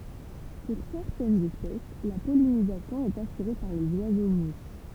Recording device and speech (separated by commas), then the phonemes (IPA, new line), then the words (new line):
temple vibration pickup, read sentence
puʁ sɛʁtɛnz ɛspɛs la pɔlinizasjɔ̃ ɛt asyʁe paʁ lez wazo muʃ
Pour certaines espèces, la pollinisation est assurée par les oiseaux-mouches.